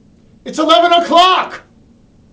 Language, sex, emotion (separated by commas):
English, male, angry